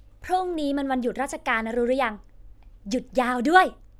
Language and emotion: Thai, happy